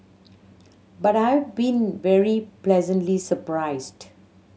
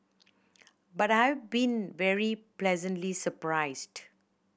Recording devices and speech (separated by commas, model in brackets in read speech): mobile phone (Samsung C7100), boundary microphone (BM630), read sentence